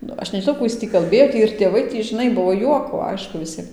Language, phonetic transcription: Lithuanian, ˈnu ˈaš nežiˈnau ˈkų is ˈtį kalˈbėjo ˈtį ir tėˈvai ˈtį žiˈnai ˈbuo ˈjuoko ˈaišku viˈsiem

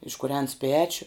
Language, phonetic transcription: Lithuanian, iškuˈrens ˈpečiu

